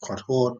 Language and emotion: Thai, sad